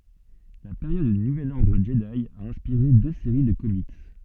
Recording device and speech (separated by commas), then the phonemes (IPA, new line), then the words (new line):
soft in-ear microphone, read sentence
la peʁjɔd dy nuvɛl ɔʁdʁ ʒədi a ɛ̃spiʁe dø seʁi də komik
La période du Nouvel Ordre Jedi a inspiré deux séries de comics.